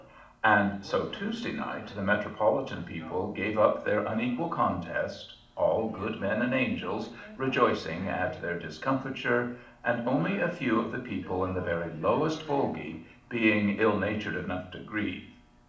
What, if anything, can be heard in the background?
A television.